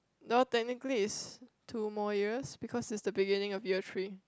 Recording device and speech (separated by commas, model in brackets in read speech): close-talking microphone, conversation in the same room